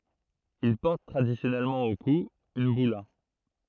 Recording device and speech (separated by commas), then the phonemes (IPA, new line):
throat microphone, read sentence
il pɔʁt tʁadisjɔnɛlmɑ̃ o ku yn byla